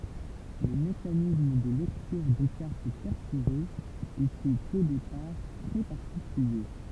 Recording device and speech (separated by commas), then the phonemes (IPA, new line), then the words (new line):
temple vibration pickup, read sentence
lə mekanism də lɛktyʁ de kaʁt pɛʁfoʁez etɛt o depaʁ tʁɛ paʁtikylje
Le mécanisme de lecture des cartes perforées était au départ très particulier.